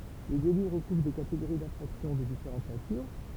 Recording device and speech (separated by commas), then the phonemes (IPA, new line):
temple vibration pickup, read sentence
le deli ʁəkuvʁ de kateɡoʁi dɛ̃fʁaksjɔ̃ də difeʁɑ̃t natyʁ